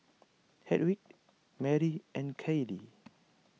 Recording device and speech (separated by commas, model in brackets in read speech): mobile phone (iPhone 6), read sentence